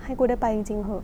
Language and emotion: Thai, frustrated